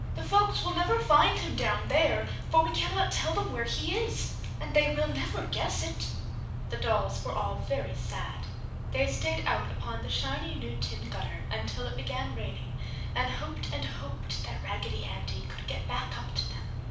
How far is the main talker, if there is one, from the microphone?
5.8 m.